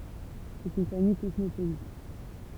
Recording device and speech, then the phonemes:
temple vibration pickup, read sentence
sɛt yn famij kɔsmopolit

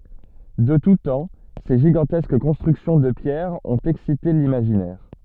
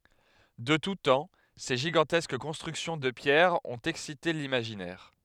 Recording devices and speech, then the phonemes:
soft in-ear microphone, headset microphone, read sentence
də tu tɑ̃ se ʒiɡɑ̃tɛsk kɔ̃stʁyksjɔ̃ də pjɛʁ ɔ̃t ɛksite limaʒinɛʁ

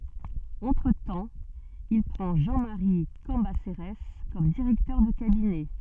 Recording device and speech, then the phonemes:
soft in-ear microphone, read sentence
ɑ̃tʁətɑ̃ il pʁɑ̃ ʒɑ̃ maʁi kɑ̃baseʁɛs kɔm diʁɛktœʁ də kabinɛ

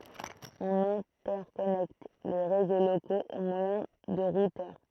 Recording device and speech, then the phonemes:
throat microphone, read sentence
ɔ̃n ɛ̃tɛʁkɔnɛkt le ʁezo lokoz o mwajɛ̃ də ʁutœʁ

